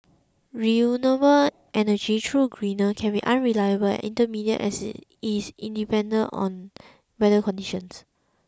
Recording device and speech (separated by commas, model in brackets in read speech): close-talking microphone (WH20), read sentence